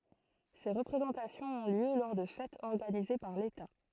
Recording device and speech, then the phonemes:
throat microphone, read sentence
se ʁəpʁezɑ̃tasjɔ̃z ɔ̃ ljø lɔʁ də fɛtz ɔʁɡanize paʁ leta

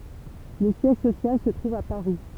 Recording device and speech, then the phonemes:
temple vibration pickup, read sentence
lə sjɛʒ sosjal sə tʁuv a paʁi

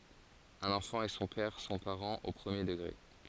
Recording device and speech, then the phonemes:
forehead accelerometer, read sentence
œ̃n ɑ̃fɑ̃ e sɔ̃ pɛʁ sɔ̃ paʁɑ̃z o pʁəmje dəɡʁe

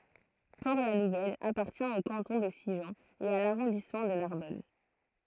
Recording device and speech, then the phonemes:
throat microphone, read sentence
pɔʁtlanuvɛl apaʁtjɛ̃ o kɑ̃tɔ̃ də siʒɑ̃ e a laʁɔ̃dismɑ̃ də naʁbɔn

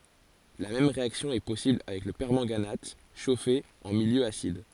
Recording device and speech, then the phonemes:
forehead accelerometer, read sentence
la mɛm ʁeaksjɔ̃ ɛ pɔsibl avɛk lə pɛʁmɑ̃ɡanat ʃofe ɑ̃ miljø asid

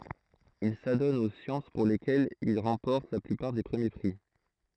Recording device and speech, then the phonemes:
throat microphone, read sentence
il sadɔn o sjɑ̃s puʁ lekɛlz il ʁɑ̃pɔʁt la plypaʁ de pʁəmje pʁi

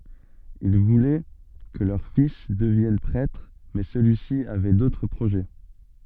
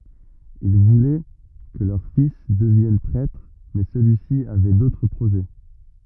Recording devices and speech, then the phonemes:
soft in-ear microphone, rigid in-ear microphone, read sentence
il vulɛ kə lœʁ fis dəvjɛn pʁɛtʁ mɛ səlyisi avɛ dotʁ pʁoʒɛ

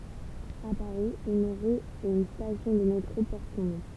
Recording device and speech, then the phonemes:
temple vibration pickup, read sentence
a paʁi yn ʁy e yn stasjɔ̃ də metʁo pɔʁt sɔ̃ nɔ̃

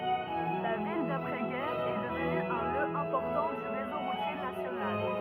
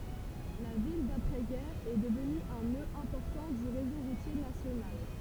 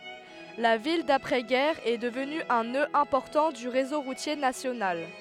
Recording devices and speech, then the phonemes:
rigid in-ear microphone, temple vibration pickup, headset microphone, read sentence
la vil dapʁɛ ɡɛʁ ɛ dəvny œ̃ nø ɛ̃pɔʁtɑ̃ dy ʁezo ʁutje nasjonal

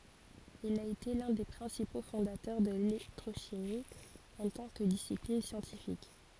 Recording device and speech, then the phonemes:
forehead accelerometer, read sentence
il a ete lœ̃ de pʁɛ̃sipo fɔ̃datœʁ də lelɛktʁoʃimi ɑ̃ tɑ̃ kə disiplin sjɑ̃tifik

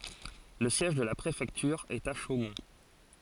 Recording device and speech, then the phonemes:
forehead accelerometer, read sentence
lə sjɛʒ də la pʁefɛktyʁ ɛt a ʃomɔ̃

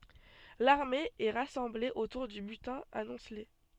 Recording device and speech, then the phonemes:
soft in-ear microphone, read sentence
laʁme ɛ ʁasɑ̃ble otuʁ dy bytɛ̃ amɔ̃sle

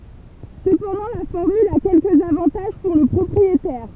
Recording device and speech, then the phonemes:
temple vibration pickup, read sentence
səpɑ̃dɑ̃ la fɔʁmyl a kɛlkəz avɑ̃taʒ puʁ lə pʁɔpʁietɛʁ

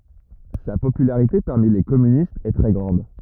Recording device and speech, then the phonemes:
rigid in-ear microphone, read sentence
sa popylaʁite paʁmi le kɔmynistz ɛ tʁɛ ɡʁɑ̃d

